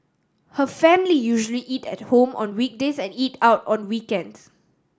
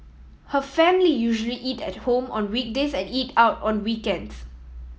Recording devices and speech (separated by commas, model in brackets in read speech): standing microphone (AKG C214), mobile phone (iPhone 7), read sentence